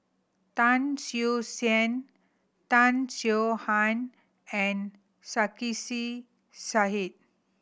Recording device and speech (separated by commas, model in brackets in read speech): boundary microphone (BM630), read sentence